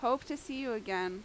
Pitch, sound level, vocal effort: 245 Hz, 88 dB SPL, loud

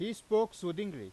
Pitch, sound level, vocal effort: 205 Hz, 96 dB SPL, loud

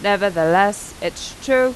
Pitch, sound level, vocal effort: 205 Hz, 91 dB SPL, normal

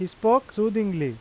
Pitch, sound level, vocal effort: 215 Hz, 92 dB SPL, loud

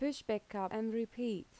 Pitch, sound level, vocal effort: 220 Hz, 81 dB SPL, normal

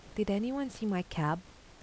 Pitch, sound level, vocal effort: 205 Hz, 80 dB SPL, soft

